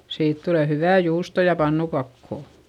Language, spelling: Finnish, siitä tulee hyvää juustoa ja pannukakkua
- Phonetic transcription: siit tule hyvä̀ juusto ja pannukakkò .

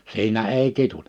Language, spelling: Finnish, siinä ei kiduta
- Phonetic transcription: 'siinä 'èi 'kitutᴀ .

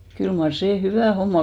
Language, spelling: Finnish, kyllä mar se hyvä homma
- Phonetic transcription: kyl mar 'see "hyvä̀ homma ,.

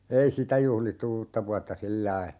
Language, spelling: Finnish, ei sitä juhlittu uutta vuotta sillä lailla
- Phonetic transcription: 'ei "sitä 'juhlittu "uutta vuatta 'sillai .

